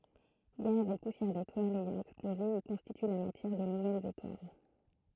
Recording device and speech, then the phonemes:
throat microphone, read sentence
ɡaz e pusjɛʁ detwalz ɛjɑ̃ ɛksploze i kɔ̃stity la matjɛʁ də nuvɛlz etwal

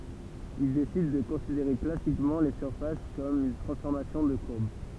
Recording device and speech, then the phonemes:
temple vibration pickup, read sentence
il desid də kɔ̃sideʁe klasikmɑ̃ le syʁfas kɔm yn tʁɑ̃sfɔʁmasjɔ̃ də kuʁb

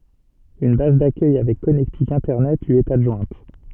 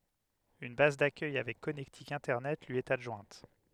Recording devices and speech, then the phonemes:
soft in-ear microphone, headset microphone, read sentence
yn baz dakœj avɛk kɔnɛktik ɛ̃tɛʁnɛt lyi ɛt adʒwɛ̃t

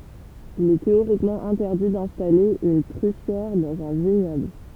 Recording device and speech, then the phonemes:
temple vibration pickup, read sentence
il ɛ teoʁikmɑ̃ ɛ̃tɛʁdi dɛ̃stale yn tʁyfjɛʁ dɑ̃z œ̃ viɲɔbl

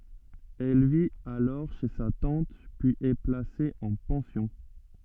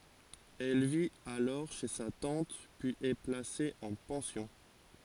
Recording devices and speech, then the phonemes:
soft in-ear microphone, forehead accelerometer, read sentence
ɛl vit alɔʁ ʃe sa tɑ̃t pyiz ɛ plase ɑ̃ pɑ̃sjɔ̃

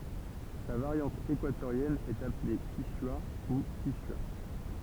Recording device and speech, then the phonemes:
temple vibration pickup, read sentence
sa vaʁjɑ̃t ekwatoʁjɛn ɛt aple kiʃwa u kiʃya

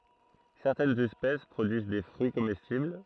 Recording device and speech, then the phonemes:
throat microphone, read sentence
sɛʁtɛnz ɛspɛs pʁodyiz de fʁyi komɛstibl

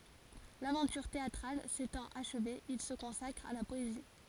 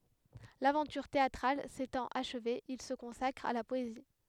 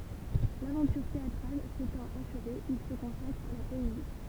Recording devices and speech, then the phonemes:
forehead accelerometer, headset microphone, temple vibration pickup, read sentence
lavɑ̃tyʁ teatʁal setɑ̃t aʃve il sə kɔ̃sakʁ a la pɔezi

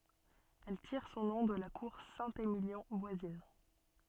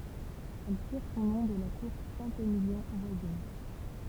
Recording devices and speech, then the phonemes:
soft in-ear microphone, temple vibration pickup, read sentence
ɛl tiʁ sɔ̃ nɔ̃ də la kuʁ sɛ̃temiljɔ̃ vwazin

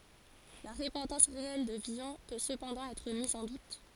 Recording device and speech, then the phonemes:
forehead accelerometer, read sentence
la ʁəpɑ̃tɑ̃s ʁeɛl də vilɔ̃ pø səpɑ̃dɑ̃ ɛtʁ miz ɑ̃ dut

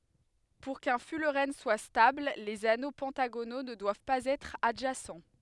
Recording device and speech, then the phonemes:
headset microphone, read sentence
puʁ kœ̃ fylʁɛn swa stabl lez ano pɑ̃taɡono nə dwav paz ɛtʁ adʒasɑ̃

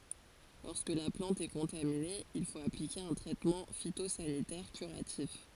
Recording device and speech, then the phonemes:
forehead accelerometer, read sentence
lɔʁskə la plɑ̃t ɛ kɔ̃tamine il fot aplike œ̃ tʁɛtmɑ̃ fitozanitɛʁ kyʁatif

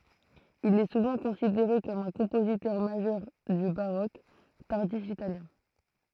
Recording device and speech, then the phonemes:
throat microphone, read sentence
il ɛ suvɑ̃ kɔ̃sideʁe kɔm œ̃ kɔ̃pozitœʁ maʒœʁ dy baʁok taʁdif italjɛ̃

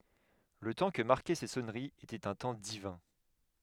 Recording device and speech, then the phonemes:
headset microphone, read sentence
lə tɑ̃ kə maʁkɛ se sɔnəʁiz etɛt œ̃ tɑ̃ divɛ̃

